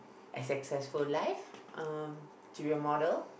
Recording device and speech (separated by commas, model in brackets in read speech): boundary microphone, conversation in the same room